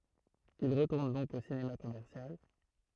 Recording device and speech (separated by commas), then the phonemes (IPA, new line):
throat microphone, read sentence
il ʁətuʁn dɔ̃k o sinema kɔmɛʁsjal